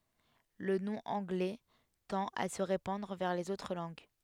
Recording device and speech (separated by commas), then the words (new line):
headset microphone, read sentence
Le nom anglais tend à se répandre vers les autres langues.